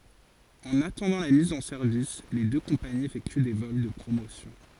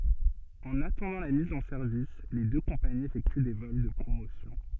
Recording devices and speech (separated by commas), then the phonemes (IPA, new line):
forehead accelerometer, soft in-ear microphone, read sentence
ɑ̃n atɑ̃dɑ̃ la miz ɑ̃ sɛʁvis le dø kɔ̃paniz efɛkty de vɔl də pʁomosjɔ̃